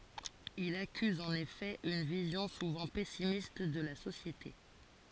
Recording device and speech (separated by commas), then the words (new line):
forehead accelerometer, read sentence
Il accuse en effet une vision souvent pessimiste de la société.